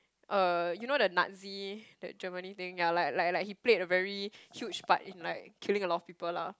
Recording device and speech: close-talking microphone, conversation in the same room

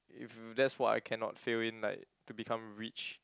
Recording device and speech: close-talking microphone, conversation in the same room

